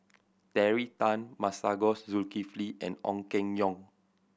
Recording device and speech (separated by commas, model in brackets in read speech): boundary microphone (BM630), read sentence